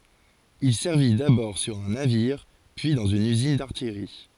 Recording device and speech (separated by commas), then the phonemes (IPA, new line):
forehead accelerometer, read sentence
il sɛʁvi dabɔʁ syʁ œ̃ naviʁ pyi dɑ̃z yn yzin daʁtijʁi